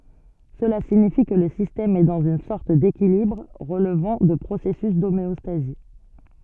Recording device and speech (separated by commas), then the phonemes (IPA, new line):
soft in-ear microphone, read sentence
səla siɲifi kə lə sistɛm ɛ dɑ̃z yn sɔʁt dekilibʁ ʁəlvɑ̃ də pʁosɛsys domeɔstazi